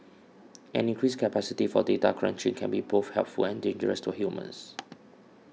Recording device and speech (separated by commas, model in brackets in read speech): mobile phone (iPhone 6), read sentence